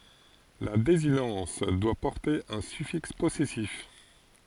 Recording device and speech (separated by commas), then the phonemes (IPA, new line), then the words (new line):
forehead accelerometer, read sentence
la dezinɑ̃s dwa pɔʁte œ̃ syfiks pɔsɛsif
La désinence doit porter un suffixe possessif.